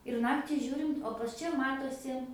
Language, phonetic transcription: Lithuanian, ir ˈnakti ˈžiūrint o pas ˈčia ˈmatosi

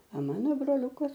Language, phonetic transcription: Lithuanian, a ˈmano broˈliukas

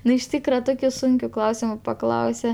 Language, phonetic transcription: Lithuanian, ˈnu iš ˈtykra ˈtokiu ˈsunkiu ˈklausimu paˈklause

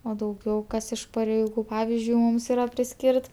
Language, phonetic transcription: Lithuanian, o dauˈgiau ˈkas iš pareiˈgų ˈpavizdžiui ˈmūms iˈra priˈskyrt

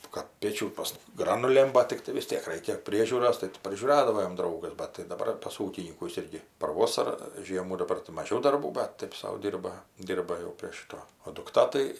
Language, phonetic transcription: Lithuanian, kad ˈpėčių pas ˈgranulėm ˈbat tikˈtai vis ˈtiek ˈreikia ˈpriežiūros tai ˈti prižiūˈradavo jam ˈdraugas bat tai daˈbar pas ˈūkinykus ˈirgi par ˈvosara ˈžiemų daˈbar tai maˈžiau darˈbų bat ˈtaip sau ˈdyrba ˈdyrba jau prie ˈšito o dukˈta tai

